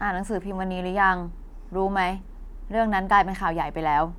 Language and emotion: Thai, frustrated